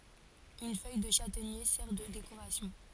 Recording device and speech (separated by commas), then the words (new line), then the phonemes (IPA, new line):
forehead accelerometer, read sentence
Une feuille de châtaignier sert de décoration.
yn fœj də ʃatɛɲe sɛʁ də dekoʁasjɔ̃